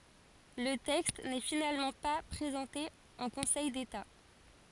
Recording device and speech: forehead accelerometer, read sentence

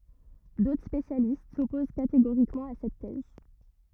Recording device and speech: rigid in-ear microphone, read sentence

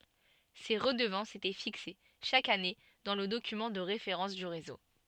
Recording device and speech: soft in-ear microphone, read sentence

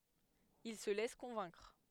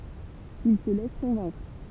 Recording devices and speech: headset microphone, temple vibration pickup, read sentence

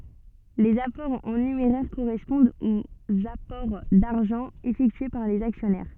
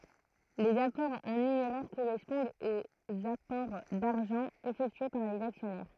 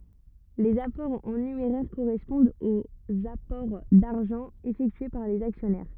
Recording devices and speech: soft in-ear microphone, throat microphone, rigid in-ear microphone, read sentence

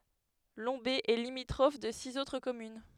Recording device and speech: headset microphone, read sentence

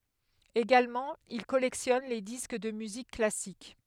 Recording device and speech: headset microphone, read sentence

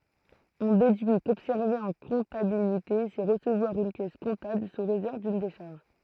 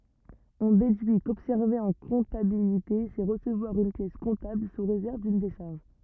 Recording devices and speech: throat microphone, rigid in-ear microphone, read sentence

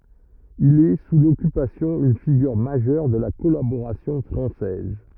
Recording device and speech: rigid in-ear microphone, read sentence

